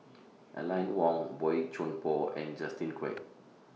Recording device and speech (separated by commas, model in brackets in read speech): mobile phone (iPhone 6), read sentence